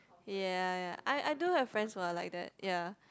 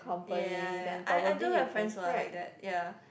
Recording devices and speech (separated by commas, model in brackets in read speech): close-talking microphone, boundary microphone, conversation in the same room